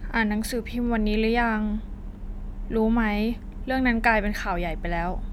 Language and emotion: Thai, neutral